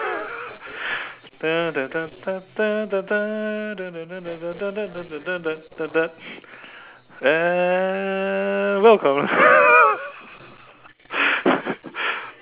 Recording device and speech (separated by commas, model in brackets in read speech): telephone, conversation in separate rooms